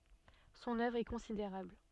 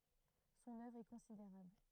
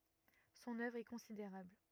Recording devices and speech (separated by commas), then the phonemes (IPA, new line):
soft in-ear microphone, throat microphone, rigid in-ear microphone, read sentence
sɔ̃n œvʁ ɛ kɔ̃sideʁabl